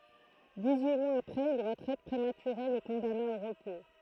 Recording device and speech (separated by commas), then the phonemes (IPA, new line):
throat microphone, read sentence
diksyi mwaz apʁɛz yn ʁətʁɛt pʁematyʁe lə kɔ̃dana o ʁəpo